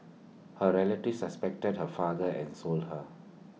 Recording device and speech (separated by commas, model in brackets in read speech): mobile phone (iPhone 6), read sentence